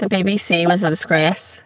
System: VC, spectral filtering